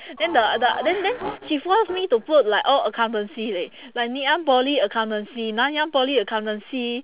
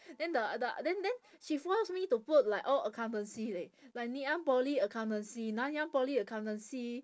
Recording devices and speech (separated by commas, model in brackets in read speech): telephone, standing microphone, conversation in separate rooms